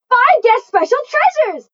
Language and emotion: English, surprised